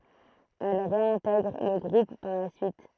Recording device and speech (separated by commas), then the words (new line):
throat microphone, read sentence
Elle réintègre le groupe par la suite.